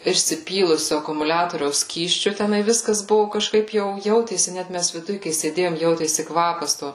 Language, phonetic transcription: Lithuanian, išsiˈpylusiu akumuˈliatoriaus ˈskysčiu teˈnai ˈviskas ˈbuvu kažˈkaip ˈjau ˈjautėsi ˈnæt mes viˈduj kai sėˈdėjom ˈjautėsi ˈkvapas ˈto

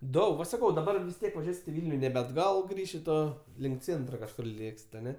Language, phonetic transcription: Lithuanian, ˈdaug va saˈkau daˈbar vis ˈtiek vaˈžiuosit i ˈvilniu nebe atˈgal ˈšito ˈlink ˈcėntra kažˈkur ˈlėksit aˈne

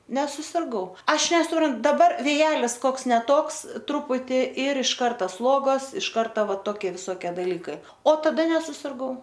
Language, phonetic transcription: Lithuanian, nesusirˈgau ˈaš nesuˈpran daˈbar vėˈjelis ˈkoks ne ˈtoks ˈtruputi ir iš ˈkarta ˈsluogos iš ˈkarta ˈva toˈki visoˈkie daˈlykai o taˈda nesusirˈgau

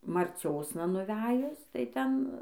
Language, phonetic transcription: Lithuanian, marˈciosna nuˈvejus tai ˈten

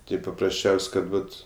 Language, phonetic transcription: Lithuanian, ˈtai paprasˈčiaus' ˈkad ˈvat

